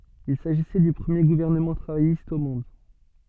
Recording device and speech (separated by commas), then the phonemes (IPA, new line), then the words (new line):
soft in-ear microphone, read sentence
il saʒisɛ dy pʁəmje ɡuvɛʁnəmɑ̃ tʁavajist o mɔ̃d
Il s'agissait du premier gouvernement travailliste au monde.